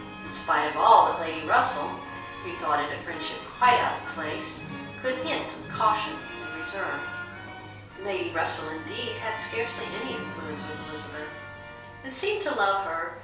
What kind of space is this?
A small room.